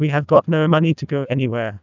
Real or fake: fake